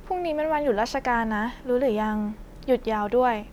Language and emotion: Thai, neutral